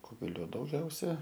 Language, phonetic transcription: Lithuanian, ˈkugelio dauˈgiausia

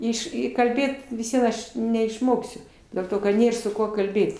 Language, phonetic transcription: Lithuanian, ˈiš ˈi kalˈbėt vis ˈvien ˈaš neišˈmoksiu dėl ˈto kad ˈnėr su ˈkuo kalˈbėt

